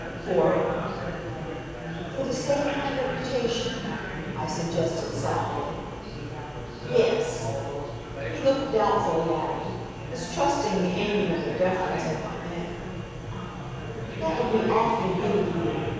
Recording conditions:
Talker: one person; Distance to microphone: 7.1 m; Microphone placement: far; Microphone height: 1.7 m; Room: very reverberant, large; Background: babble

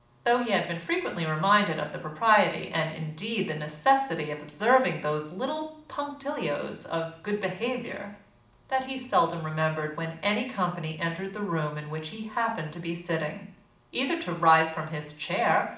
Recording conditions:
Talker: one person; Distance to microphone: 2.0 m; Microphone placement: close; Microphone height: 99 cm; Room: medium-sized (5.7 m by 4.0 m); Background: none

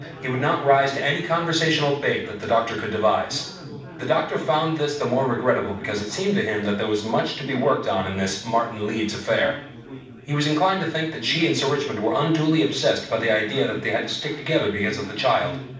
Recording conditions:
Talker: one person; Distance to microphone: 5.8 m; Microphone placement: far; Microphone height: 1.8 m; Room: medium-sized (5.7 m by 4.0 m); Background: babble

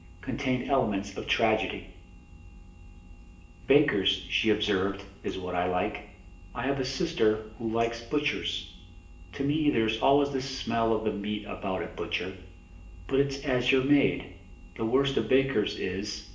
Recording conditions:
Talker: one person; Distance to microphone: 1.8 m; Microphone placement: close; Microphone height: 1.0 m; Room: large; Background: none

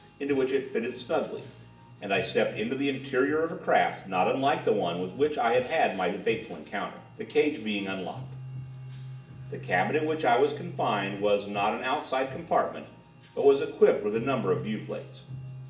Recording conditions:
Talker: one person; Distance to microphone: 1.8 m; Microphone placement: close; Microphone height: 1.0 m; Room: large; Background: music

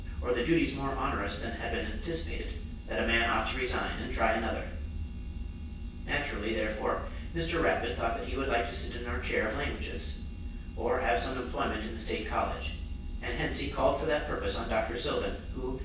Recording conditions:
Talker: one person; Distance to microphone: 9.8 m; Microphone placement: far; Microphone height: 1.8 m; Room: large; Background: none

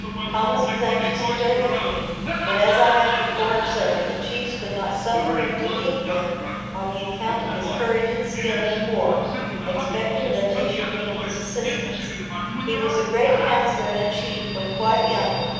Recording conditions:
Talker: one person; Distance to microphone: 7.1 m; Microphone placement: far; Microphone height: 1.7 m; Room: very reverberant, large; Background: television

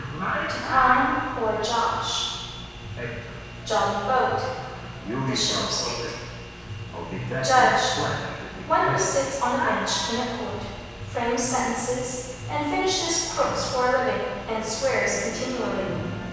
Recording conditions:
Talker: one person; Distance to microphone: 7.1 m; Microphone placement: far; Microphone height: 1.7 m; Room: very reverberant, large; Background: television

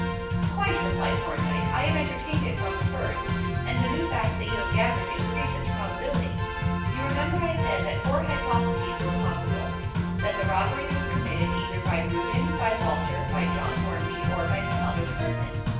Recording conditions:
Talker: one person; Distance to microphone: 9.8 m; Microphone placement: far; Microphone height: 1.8 m; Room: large; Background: music

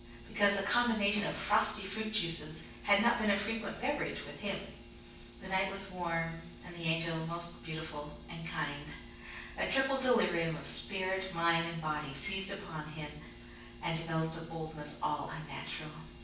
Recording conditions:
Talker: one person; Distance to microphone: 9.8 m; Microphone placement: far; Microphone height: 1.8 m; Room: large; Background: none

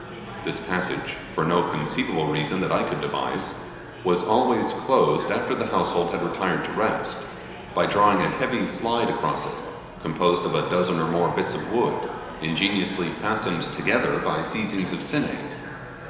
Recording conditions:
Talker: one person; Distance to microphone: 1.7 m; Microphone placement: close; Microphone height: 1.0 m; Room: very reverberant, large; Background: babble

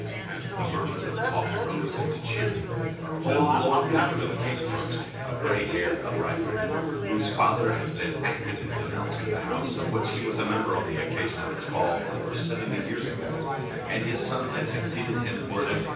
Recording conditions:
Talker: one person; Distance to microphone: 9.8 m; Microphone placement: far; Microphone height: 1.8 m; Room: large; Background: babble

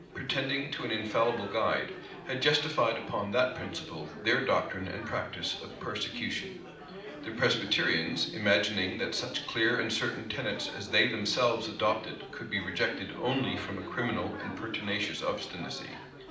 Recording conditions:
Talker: one person; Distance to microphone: 2.0 m; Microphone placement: close; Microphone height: 99 cm; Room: medium-sized (5.7 m by 4.0 m); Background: babble

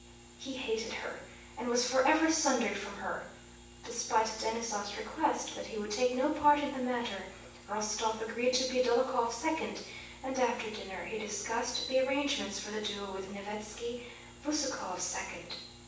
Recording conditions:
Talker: one person; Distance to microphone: 9.8 m; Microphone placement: far; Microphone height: 1.8 m; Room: large; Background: none

